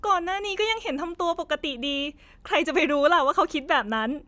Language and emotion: Thai, happy